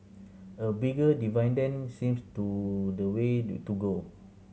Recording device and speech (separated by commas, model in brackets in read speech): mobile phone (Samsung C7100), read sentence